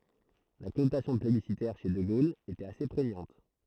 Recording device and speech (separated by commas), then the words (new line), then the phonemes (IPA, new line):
throat microphone, read sentence
La connotation plébiscitaire chez de Gaulle était assez prégnante.
la kɔnotasjɔ̃ plebisitɛʁ ʃe də ɡol etɛt ase pʁeɲɑ̃t